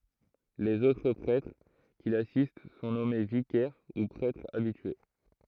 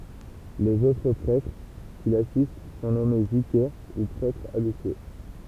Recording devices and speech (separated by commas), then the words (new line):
throat microphone, temple vibration pickup, read sentence
Les autres prêtres qui l'assistent sont nommés vicaires, ou prêtres habitués.